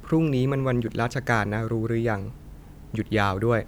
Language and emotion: Thai, neutral